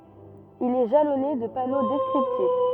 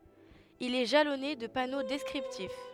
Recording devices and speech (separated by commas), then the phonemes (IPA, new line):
rigid in-ear microphone, headset microphone, read sentence
il ɛ ʒalɔne də pano dɛskʁiptif